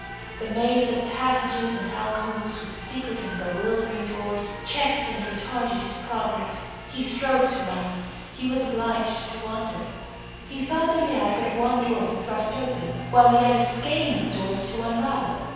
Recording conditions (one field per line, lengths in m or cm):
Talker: one person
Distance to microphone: 7.1 m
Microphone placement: far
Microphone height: 1.7 m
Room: very reverberant, large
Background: television